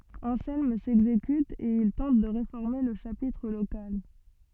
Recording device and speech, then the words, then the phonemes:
soft in-ear microphone, read sentence
Anselme s'exécute et il tente de réformer le chapitre local.
ɑ̃sɛlm sɛɡzekyt e il tɑ̃t də ʁefɔʁme lə ʃapitʁ lokal

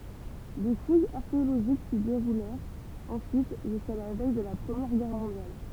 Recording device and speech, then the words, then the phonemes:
temple vibration pickup, read sentence
Des fouilles archéologiques s'y déroulèrent ensuite jusqu'à la veille de la Première Guerre mondiale.
de fujz aʁkeoloʒik si deʁulɛʁt ɑ̃syit ʒyska la vɛj də la pʁəmjɛʁ ɡɛʁ mɔ̃djal

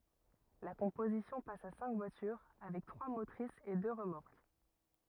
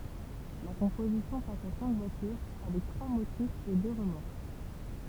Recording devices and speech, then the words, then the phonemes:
rigid in-ear microphone, temple vibration pickup, read sentence
La composition passe à cinq voitures, avec trois motrices et deux remorques.
la kɔ̃pozisjɔ̃ pas a sɛ̃k vwatyʁ avɛk tʁwa motʁisz e dø ʁəmɔʁk

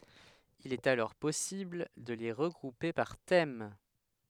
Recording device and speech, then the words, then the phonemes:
headset microphone, read sentence
Il est alors possible de les regrouper par thème.
il ɛt alɔʁ pɔsibl də le ʁəɡʁupe paʁ tɛm

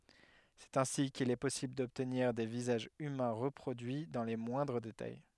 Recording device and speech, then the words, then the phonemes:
headset microphone, read sentence
C'est ainsi qu'il est possible d'obtenir des visages humains reproduits dans les moindres détails.
sɛt ɛ̃si kil ɛ pɔsibl dɔbtniʁ de vizaʒz ymɛ̃ ʁəpʁodyi dɑ̃ le mwɛ̃dʁ detaj

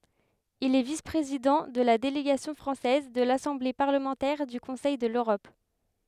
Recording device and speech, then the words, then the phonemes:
headset microphone, read sentence
Il est vice-président de la délégation française de l'Assemblée parlementaire du Conseil de l'Europe.
il ɛ vis pʁezidɑ̃ də la deleɡasjɔ̃ fʁɑ̃sɛz də lasɑ̃ble paʁləmɑ̃tɛʁ dy kɔ̃sɛj də løʁɔp

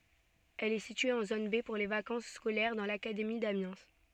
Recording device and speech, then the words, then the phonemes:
soft in-ear microphone, read sentence
Elle est située en zone B pour les vacances scolaires, dans l'académie d'Amiens.
ɛl ɛ sitye ɑ̃ zon be puʁ le vakɑ̃s skolɛʁ dɑ̃ lakademi damjɛ̃

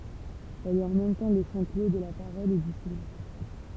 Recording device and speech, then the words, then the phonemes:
temple vibration pickup, read sentence
Elle est en même temps le champ clos de la parole et du silence.
ɛl ɛt ɑ̃ mɛm tɑ̃ lə ʃɑ̃ klo də la paʁɔl e dy silɑ̃s

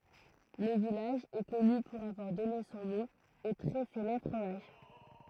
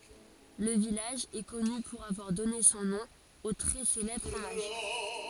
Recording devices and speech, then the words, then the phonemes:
throat microphone, forehead accelerometer, read sentence
Le village est connu pour avoir donné son nom au très célèbre fromage.
lə vilaʒ ɛ kɔny puʁ avwaʁ dɔne sɔ̃ nɔ̃ o tʁɛ selɛbʁ fʁomaʒ

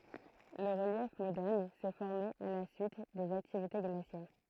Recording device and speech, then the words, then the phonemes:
throat microphone, read sentence
Le relief moderne s'est formé à la suite des activités glaciaires.
lə ʁəljɛf modɛʁn sɛ fɔʁme a la syit dez aktivite ɡlasjɛʁ

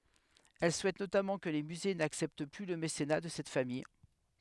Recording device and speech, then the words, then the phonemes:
headset microphone, read sentence
Elle souhaite notamment que les musées n'acceptent plus le mécénat de cette famille.
ɛl suɛt notamɑ̃ kə le myze naksɛpt ply lə mesena də sɛt famij

